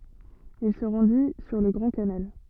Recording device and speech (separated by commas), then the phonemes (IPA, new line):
soft in-ear microphone, read sentence
il sə ʁɑ̃di syʁ lə ɡʁɑ̃ kanal